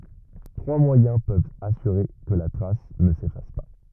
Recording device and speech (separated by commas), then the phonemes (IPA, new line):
rigid in-ear microphone, read sentence
tʁwa mwajɛ̃ pøvt asyʁe kə la tʁas nə sefas pa